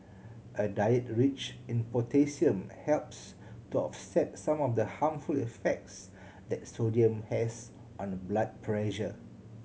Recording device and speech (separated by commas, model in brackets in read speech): mobile phone (Samsung C7100), read sentence